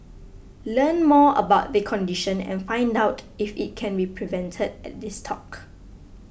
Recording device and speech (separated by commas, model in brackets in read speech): boundary microphone (BM630), read sentence